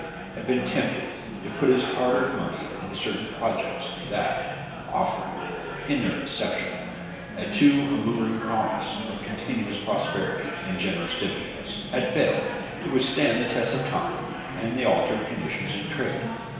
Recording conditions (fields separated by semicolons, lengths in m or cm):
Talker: one person; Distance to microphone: 1.7 m; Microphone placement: close; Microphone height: 1.0 m; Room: very reverberant, large; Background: babble